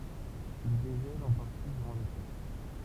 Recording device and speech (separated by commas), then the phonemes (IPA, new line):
temple vibration pickup, read sentence
il deʒɛlt ɑ̃ paʁti dyʁɑ̃ lete